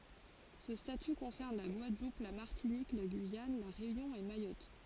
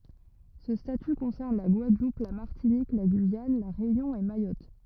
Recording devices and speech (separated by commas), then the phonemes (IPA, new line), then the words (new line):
forehead accelerometer, rigid in-ear microphone, read sentence
sə staty kɔ̃sɛʁn la ɡwadlup la maʁtinik la ɡyijan la ʁeynjɔ̃ e majɔt
Ce statut concerne la Guadeloupe, la Martinique, la Guyane, La Réunion et Mayotte.